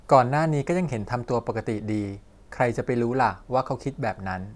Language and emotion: Thai, neutral